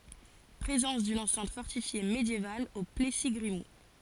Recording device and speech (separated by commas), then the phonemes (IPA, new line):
forehead accelerometer, read sentence
pʁezɑ̃s dyn ɑ̃sɛ̃t fɔʁtifje medjeval o plɛsi ɡʁimult